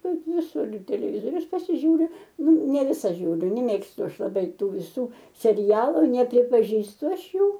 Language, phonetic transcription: Lithuanian, ˈkad viˈsur ir teleˈvizorius pasiˈžiūriu ˈnu ne ˈvisa ˈžiūriu ne meˈmėgstu ˈaš laˈbai ˈtų viˈsų seˈrialu nepripaˈžįstu ˈaš ˈjų

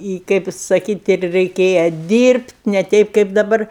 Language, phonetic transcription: Lithuanian, i ˈkaip saˈkyt' ir reiˈkėja ˈdyrbt' ne ˈteip kaip daˈbar

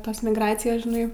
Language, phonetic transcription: Lithuanian, ˈtos migˈracijos žiˈnai

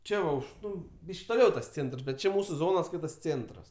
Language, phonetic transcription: Lithuanian, ˈčia va ˈuž ˈnu ˈbyšk' toˈliau tas ˈcėntrs bet ˈči ˈmūsu ˈzonos ˈskaitas ˈcėntras

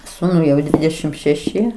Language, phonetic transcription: Lithuanian, ˈsūnui jau ˈdvidešim šeˈši

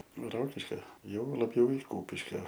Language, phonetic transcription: Lithuanian, ˈrokiškio jau laˈbjau i ˈkūpiškio

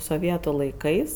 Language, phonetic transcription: Lithuanian, soˈvietu laiˈkais

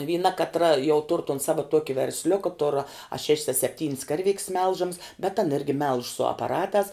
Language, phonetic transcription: Lithuanian, vyˈna katˈra jau tur ton ˈsava ˈtuoki versˈliuka tur a šeš's a sepˈtyn's ˈkarˌvik's ˈmelžams bet an ˈirgi melž su apaˈratās

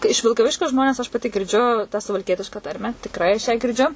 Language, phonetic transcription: Lithuanian, iš vilkaˈviškio ˈžmones aš paˈti girˈdžiu tą suvalˈkietiška ˈtarmę tikˈrai aš ˈją girˈdžiu

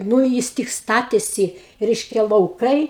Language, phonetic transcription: Lithuanian, nū ˈjis tik ˈstatėsi ˈreiškia lauˈkai

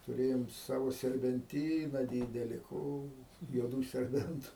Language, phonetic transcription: Lithuanian, tuˈrėjom ˈsavo serbenˈtyna ˈdydeli ˈko juoˈdų serˈbentu

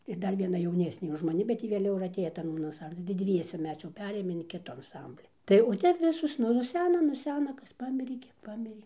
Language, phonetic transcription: Lithuanian, ir ˈdar vieˈna jauˈnesnė už maˈni bet ˈji vėˈliau ir atˈėjo ˈtan anˈsamblin tai ˈdviese ˈmes jau ˈperėjom in ˈkitu anˈsambli ˈtai o ˈtep ˈvisos nu nuˈsena nuˈsena ˈkas ˈpamirė ˈkiek ˈpamirė

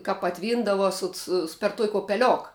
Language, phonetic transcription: Lithuanian, ka paˈtvyndava sut ˈsu per tuok' opeˈliok

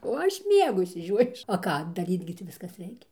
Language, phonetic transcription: Lithuanian, o ˈaš ˈmiegu išsiˈžiojus o ˈką daˈryt gi ˈtį ˈviskas ˈreikia

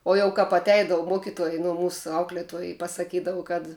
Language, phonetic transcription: Lithuanian, o jau ˈkap atˈeidavu ˈmuokituoj nu ˈmūsu ˈauklietuoj i pasaˈkydavu kad

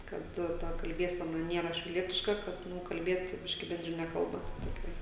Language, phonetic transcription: Lithuanian, kad ˈta kalˈbiesena ˈniera šiauˈlietiška ˈkad ˈnu kalˈbiet ˈbiški bendriˈne ˈkalba ta toˈkia

